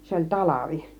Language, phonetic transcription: Finnish, 'se oĺ "talavi .
- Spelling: se oli talvi

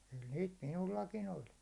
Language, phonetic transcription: Finnish, kyl niit "minullakin ‿oĺ .
- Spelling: kyllä niitä minullakin oli

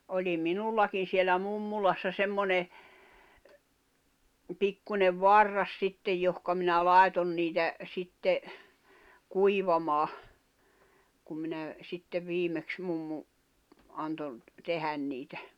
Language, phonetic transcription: Finnish, oĺi "minullakin sielä "mummulassa semmone , 'pikkuńev "varras 'sittej johka minä "làeton niitä , 'sitte , "kuivamaa , kum minä , 'sitte viimeks 'mummu , anto , 'tehän niitä .
- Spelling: oli minullakin siellä mummolassa semmoinen pikkuinen varras sitten johon minä laitoin niitä sitten kuivamaan kun minä sitten viimeksi mummo antoi tehdä niitä

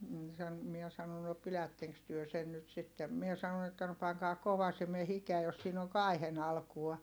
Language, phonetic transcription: Finnish, m̥ san , miɛ sano » no pilätteŋks työ sen nyt sittem » mie sanon ‿että » no paŋkaa kovasime hikeä jos siin ‿oŋ kai̮hen ‿alkua » .
- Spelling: - sanoi minä sanoin no pidättekös te sen nyt sitten minä sanoin että no pankaa kovasimen hikeä jos siinä on kaihin alkua

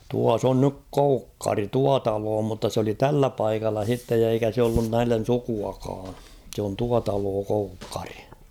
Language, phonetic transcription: Finnish, 'tuas ‿on nyk "Koukkari "tua 'taloo mutta s ‿oli "tällä 'paikalla h̬ittej ja eikä se ollun 'näillen̬ "sukuakaa ; sᵉ ‿on "tua 'taloo "Koukkᴀʀɪ .
- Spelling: tuossa on nyt Koukkari tuo talo mutta se oli tällä paikalla sitten ja eikä se ollut näille sukuakaan se on tuo talo Koukkari

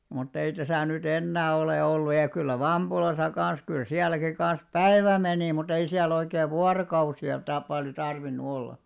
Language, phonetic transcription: Finnish, mut't ‿ei täsä̀ ny't ‿ennää olè 'ollu ja 'kyllä "Vamʙulasa 'kans kyl 'siäläki kan̬s "päe§vä menì mu't ‿ei siä'l ‿oikee "vuarokausi₍a ta- paljo 'tarvinnu 'olla .
- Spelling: mutta ei tässä nyt enää ole ollut ja kyllä Vampulassa kanssa kyllä sielläkin kanssa päivä meni mutta ei siellä oikein vuorokausia - paljon tarvinnut olla

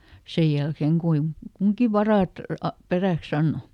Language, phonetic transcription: Finnish, ˈsej jälkeeŋ ˈkuiŋ "kuŋki varàt , a- , ˈperä̀kˈs ‿anno .
- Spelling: sen jälkeen kuinka kunkin varat - peräksi antoi

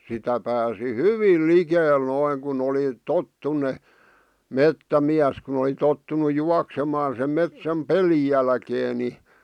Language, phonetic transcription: Finnish, sitä pääsi "hyviil "likeel 'noiŋ kun ‿oli , "tottunne , "mettämiäs kun ‿oli tottunu 'juaksemaan̬ sem metsäm "peli jälkee ni .
- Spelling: sitä pääsi hyvin likelle noin kun oli tottuneet metsämies kun oli tottunut juoksemaan sen metsän pelin jälkeen niin

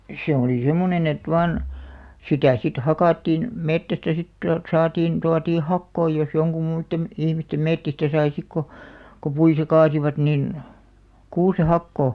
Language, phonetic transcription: Finnish, se oli 'semmonen ‿et 'vaan , 'sitä sit "hakàttiin , 'mettästä sit , tualt 'saatiin , 'tuatii "hakkoi jos joŋkum muittem , 'ihmistem 'mettistä sai 'sik ko , ko 'puita 'kaasivat nin , 'kuuse "hakkò .
- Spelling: se oli semmoinen että vain sitä sitten hakattiin metsästä sitten tuolta saatiin tuotiin hakoja jos jonkun muiden ihmisten metsistä sai sitten kun kun puita kaatoivat niin kuusen hakoa

